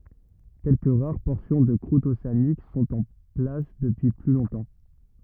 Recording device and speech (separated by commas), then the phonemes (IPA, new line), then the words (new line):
rigid in-ear microphone, read sentence
kɛlkə ʁaʁ pɔʁsjɔ̃ də kʁut oseanik sɔ̃t ɑ̃ plas dəpyi ply lɔ̃tɑ̃
Quelques rares portions de croûte océanique sont en place depuis plus longtemps.